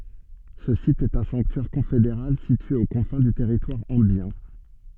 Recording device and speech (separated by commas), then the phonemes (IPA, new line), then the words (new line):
soft in-ear microphone, read sentence
sə sit ɛt œ̃ sɑ̃ktyɛʁ kɔ̃fedeʁal sitye o kɔ̃fɛ̃ dy tɛʁitwaʁ ɑ̃bjɛ̃
Ce site est un sanctuaire confédéral situé aux confins du territoire ambiens.